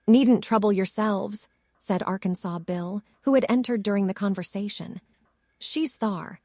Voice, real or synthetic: synthetic